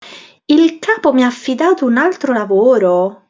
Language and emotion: Italian, surprised